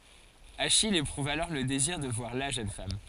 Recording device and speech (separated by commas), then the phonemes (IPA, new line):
forehead accelerometer, read sentence
aʃij epʁuv alɔʁ lə deziʁ də vwaʁ la ʒøn fam